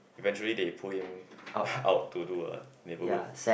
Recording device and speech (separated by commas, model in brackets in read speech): boundary microphone, conversation in the same room